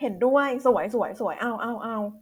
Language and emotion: Thai, neutral